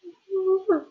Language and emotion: Thai, sad